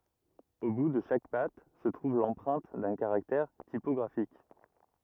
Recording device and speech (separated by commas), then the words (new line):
rigid in-ear microphone, read sentence
Au bout de chaque patte se trouve l'empreinte d'un caractère typographique.